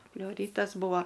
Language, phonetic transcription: Lithuanian, pleuˈrytas ˈbūva

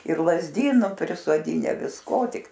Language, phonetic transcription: Lithuanian, ir lazˈdynu prisoˈdyne visˈko ˈtik

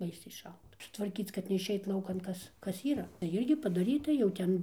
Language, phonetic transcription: Lithuanian, ˈbaisiai ˈšalta tvarˈkyc kad neišˈeit ˈlaukan ˈkas ˈkas ˈyra tai ˈirgi padaˈryta jau ˈten

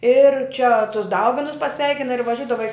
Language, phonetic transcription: Lithuanian, ir čia tus ˈdauginus paˈsveikina ir vaˈžiudava i

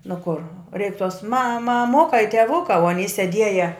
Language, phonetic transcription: Lithuanian, nu kor reik tos ma maˈmuka i teˈvuka o aˈny seˈdieja

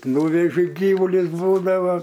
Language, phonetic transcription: Lithuanian, ˈnūveži ˈgyvuli ˈbūdava

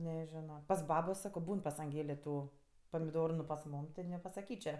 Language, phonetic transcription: Lithuanian, neˈžino pas ˈbabo ˈsako ˈbūn pas anˈgėlė ˈtų pamiˈdoru nu pas ˈmūm ti nepasaˈkyčia

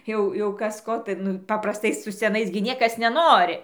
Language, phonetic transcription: Lithuanian, ˈjau jau ˈkas ˈko tai ˈnu paprasˈtai su seˈnais gi ˈniekas neˈnori

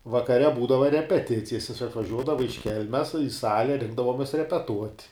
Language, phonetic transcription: Lithuanian, vakaˈre ˈbūdava repeˈticijas jis atvaˈžiuodava iš ˈkelmes i ˈsale ˈrinkdavomes repeˈtuot'

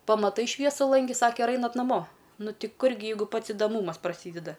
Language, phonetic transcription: Lithuanian, pamaˈtai ˈšviesu lanˈgi ˈsake ir ˈainat naˈmo ˈnu ˈti ˈkur gi ˈjeigu ˈpats idaˈmūmas praˈsydeda

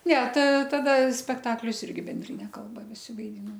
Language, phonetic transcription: Lithuanian, ˈne ta ˈtada spekˈtaklius ˈirgi benˈdrine ˈkalba viˈsi vaiˈdynom

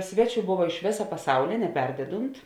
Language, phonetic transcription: Lithuanian, ˈsveˌčių ˈbova iš ˈvėsa paˈsaulė neˈperdedunt

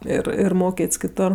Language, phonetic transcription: Lithuanian, ˈir ir ˈmokėt's' kiˈtor

